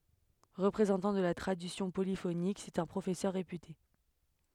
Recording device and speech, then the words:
headset microphone, read sentence
Représentant de la tradition polyphonique, c'est un professeur réputé.

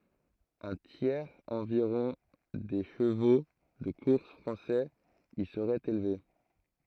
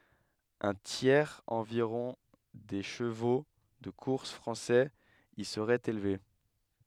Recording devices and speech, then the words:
throat microphone, headset microphone, read sentence
Un tiers environ des chevaux de course français y serait élevé.

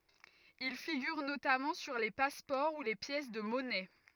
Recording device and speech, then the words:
rigid in-ear microphone, read sentence
Il figure notamment sur les passeports ou les pièces de monnaie.

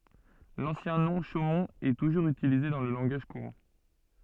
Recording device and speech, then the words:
soft in-ear microphone, read sentence
L'ancien nom, Chaumont, est toujours utilisé dans le langage courant.

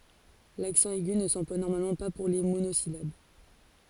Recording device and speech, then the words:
forehead accelerometer, read sentence
L'accent aigu ne s'emploie normalement pas pour les monosyllabes.

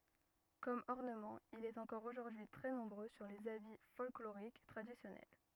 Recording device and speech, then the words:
rigid in-ear microphone, read sentence
Comme ornement il est encore aujourd'hui très nombreux sur les habits folkloriques traditionnels.

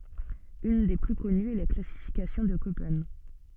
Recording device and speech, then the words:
soft in-ear microphone, read sentence
Une des plus connues est la classification de Köppen.

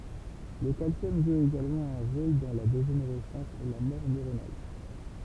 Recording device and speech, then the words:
temple vibration pickup, read sentence
Le calcium joue également un rôle dans la dégénérescence et la mort neuronale.

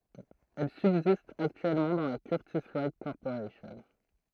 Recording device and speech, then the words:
throat microphone, read sentence
Elle subsiste actuellement dans la Curtiss-Wright Corporation.

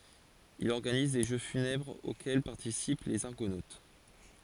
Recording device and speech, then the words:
forehead accelerometer, read sentence
Il organise des jeux funèbres auxquels participent les Argonautes.

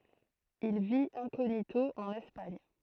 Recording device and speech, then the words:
throat microphone, read sentence
Il vit incognito en Espagne.

